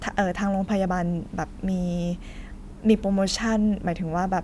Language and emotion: Thai, neutral